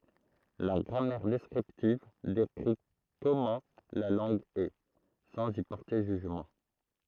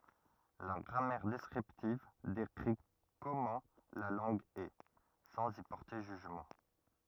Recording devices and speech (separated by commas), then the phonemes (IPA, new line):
throat microphone, rigid in-ear microphone, read sentence
la ɡʁamɛʁ dɛskʁiptiv dekʁi kɔmɑ̃ la lɑ̃ɡ ɛ sɑ̃z i pɔʁte ʒyʒmɑ̃